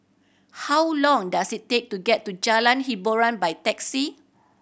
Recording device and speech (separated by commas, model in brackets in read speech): boundary microphone (BM630), read sentence